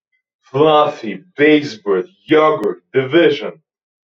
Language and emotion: English, disgusted